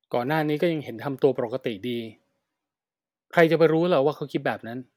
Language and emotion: Thai, neutral